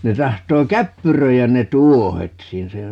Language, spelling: Finnish, ne tahtoo käppyröidä ne tuohet siinä siinä ne
- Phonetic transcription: 'ne 'tahtoo "käppyröijän 'ne "tuohet 'siin - ('siinä ne) ,.

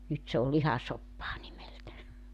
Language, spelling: Finnish, nyt se on lihasoppaa nimeltä
- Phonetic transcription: 'nyt se ol "lihasoppaa nimeltä .

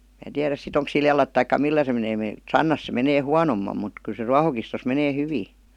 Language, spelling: Finnish, minä tiedä sitten onko sillä jalat tai millä se menee - sannassa se menee huonommin mutta kyllä se ruohokistossa menee hyvin
- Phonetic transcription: mää 'tiäräs si't ‿oŋks sil jalat taikka "millä se menee (- -) "sannas se 'menee "huanommam mut kyl se "ruahokistos menee "hyvii .

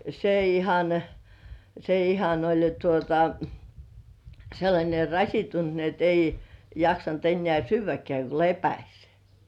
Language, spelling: Finnish, se ihan se ihan oli jo tuota sellainen rasittunut niin että ei jaksanut enää syödäkään kun lepäsi
- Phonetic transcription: se ihan se ihan oĺ jo tuota , 'sellańe "raśittunt ni ‿et ‿ei jaksant ennĕä̀ 'syyv̆väkĕä̀ , ko "lepäś .

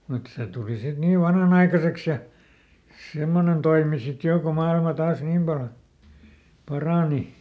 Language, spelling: Finnish, mutta se tuli sitten niin vanhanaikaiseksi ja semmoinen toimi sitten jo kun maailma taas niin paljon parani
- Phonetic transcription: mut ˈse tuli sit ˈniiv "vanhanaikaseks ja , ˈsemmonen toimi sit ˈjò ko ˈmailma ˈtaas "niim pal , ˈparàni .

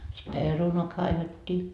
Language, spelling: Finnish, sitten perunaa kaivettiin
- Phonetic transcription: si "perunoa kaivet́t́ii .

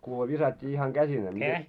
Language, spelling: Finnish, kuule viskattiin ihan käsineen niin
- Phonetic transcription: kuule 'visat́t́ii ihaŋ 'ɢäsinee ni .

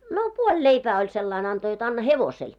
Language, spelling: Finnish, no puoli leipää oli sillä lailla antoi jotta anna hevoselle
- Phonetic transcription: no "puoĺ 'leipää oĺ 'sellain anto jot 'anna "hevosel .

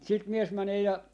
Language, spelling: Finnish, sitten mies menee ja
- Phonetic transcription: sit 'mies 'mänee ja , .

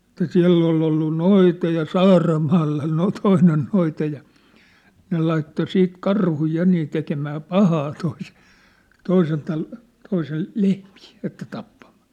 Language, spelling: Finnish, että siellä oli ollut noita ja Saaramaalla - toinen noita ja ne laittoi sitten karhuja ja niin tekemään pahaa - toisen - toisen lehmiä että tappamaan
- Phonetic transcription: ĕt̆tä "siä̭ll ‿oll̳ ‿ollu "noita ja "Saaramaalla no- , "toinen noita ja , 'ne laitto 'siit 'karhuj 'ja nii tekemää "pahaa toisᴇ- , 'toisen tal- , 'toisel̳ , "lehmɪɪ , että 'tappamᴀᴀ .

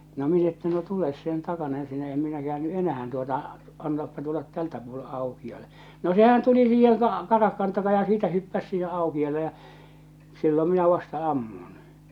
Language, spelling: Finnish, no minä että no tule sen takana ensinnä en minä käänny enää tuota antaapa tulla tältä puolen aukiolle no sehän tuli siihen - karahkan takaa ja siitä hyppäsi siihen aukealle ja silloin minä vasta ammun
- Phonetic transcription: no minä että no 'tules sen 'takana ensinä 'em 'minä "kᵉäänny "’enähän tuota , antaappa tullat 'tältä puole 'aukiale , no 'sehän tuli siiheŋ ka- 'karahkan taka ja siitä 'hyppäs siihe 'aukial̆le ja , 'sillom minä vasta 'ammun .

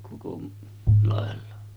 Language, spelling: Finnish, koko lailla
- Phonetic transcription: koko làella .

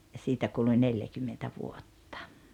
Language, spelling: Finnish, ja siitä kului neljäkymmentä vuotta
- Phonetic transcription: ja 'siitä kuluⁱ 'neljäkymmentä 'vuotta .

